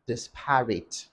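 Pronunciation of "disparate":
'Disparate' is pronounced incorrectly here.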